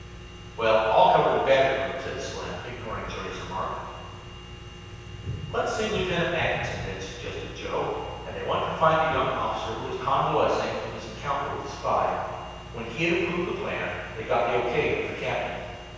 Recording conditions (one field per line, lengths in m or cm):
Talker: one person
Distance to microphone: 7.1 m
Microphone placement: far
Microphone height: 1.7 m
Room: very reverberant, large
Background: none